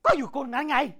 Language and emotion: Thai, angry